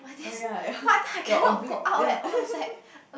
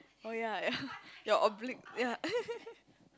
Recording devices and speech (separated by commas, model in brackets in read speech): boundary microphone, close-talking microphone, conversation in the same room